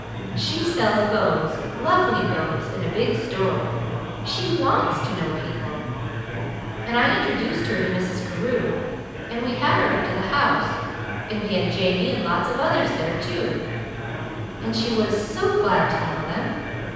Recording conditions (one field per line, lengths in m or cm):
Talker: one person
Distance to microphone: 7.1 m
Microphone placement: far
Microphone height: 1.7 m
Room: very reverberant, large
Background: babble